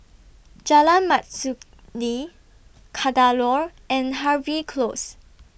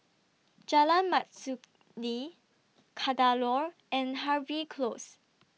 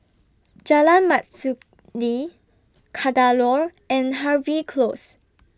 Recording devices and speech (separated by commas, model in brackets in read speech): boundary microphone (BM630), mobile phone (iPhone 6), standing microphone (AKG C214), read sentence